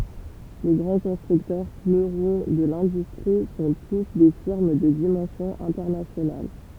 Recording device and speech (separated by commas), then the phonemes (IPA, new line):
temple vibration pickup, read sentence
le ɡʁɑ̃ kɔ̃stʁyktœʁ fløʁɔ̃ də lɛ̃dystʁi sɔ̃ tus de fiʁm də dimɑ̃sjɔ̃ ɛ̃tɛʁnasjonal